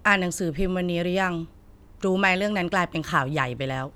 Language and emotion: Thai, neutral